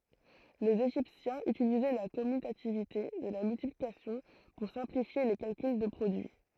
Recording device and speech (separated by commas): throat microphone, read sentence